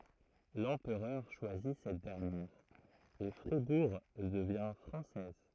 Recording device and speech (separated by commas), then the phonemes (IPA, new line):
throat microphone, read sentence
lɑ̃pʁœʁ ʃwazi sɛt dɛʁnjɛʁ e fʁibuʁ dəvjɛ̃ fʁɑ̃sɛz